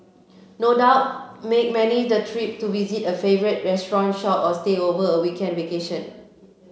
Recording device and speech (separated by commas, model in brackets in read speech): mobile phone (Samsung C7), read sentence